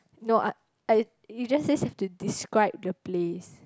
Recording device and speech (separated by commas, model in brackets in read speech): close-talking microphone, conversation in the same room